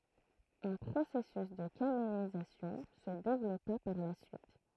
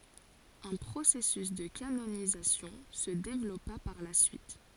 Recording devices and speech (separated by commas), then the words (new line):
throat microphone, forehead accelerometer, read sentence
Un processus de canonisation se développa par la suite.